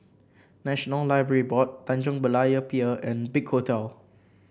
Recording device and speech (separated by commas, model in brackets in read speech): boundary microphone (BM630), read sentence